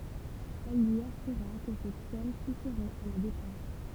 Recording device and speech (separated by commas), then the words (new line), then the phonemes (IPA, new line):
temple vibration pickup, read sentence
Elle lui assura que cette somme suffirait à la dépense.
ɛl lyi asyʁa kə sɛt sɔm syfiʁɛt a la depɑ̃s